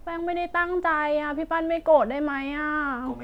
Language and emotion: Thai, sad